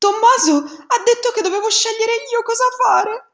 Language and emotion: Italian, fearful